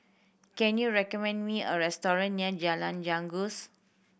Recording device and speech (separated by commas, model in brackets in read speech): boundary microphone (BM630), read sentence